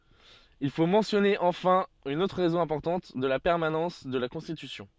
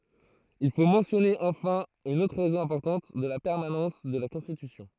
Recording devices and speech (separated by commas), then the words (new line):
soft in-ear microphone, throat microphone, read sentence
Il faut mentionner enfin une autre raison importante de la permanence de la Constitution.